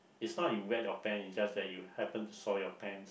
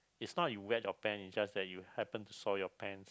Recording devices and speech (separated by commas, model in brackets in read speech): boundary microphone, close-talking microphone, conversation in the same room